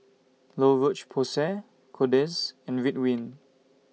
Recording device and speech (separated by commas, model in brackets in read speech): mobile phone (iPhone 6), read sentence